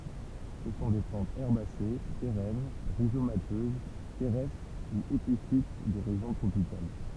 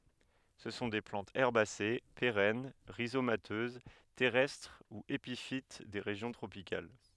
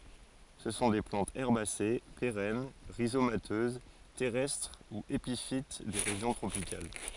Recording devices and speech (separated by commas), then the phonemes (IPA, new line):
temple vibration pickup, headset microphone, forehead accelerometer, read sentence
sə sɔ̃ de plɑ̃tz ɛʁbase peʁɛn ʁizomatøz tɛʁɛstʁ u epifit de ʁeʒjɔ̃ tʁopikal